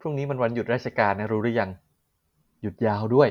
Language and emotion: Thai, happy